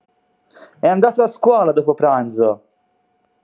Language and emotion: Italian, happy